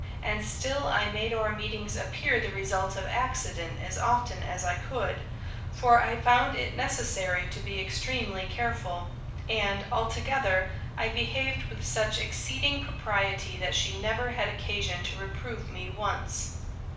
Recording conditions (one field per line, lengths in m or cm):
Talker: one person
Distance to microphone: 5.8 m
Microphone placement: far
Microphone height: 1.8 m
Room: medium-sized (5.7 m by 4.0 m)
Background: none